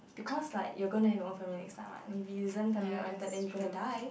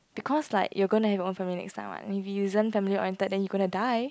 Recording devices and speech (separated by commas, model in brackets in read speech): boundary microphone, close-talking microphone, conversation in the same room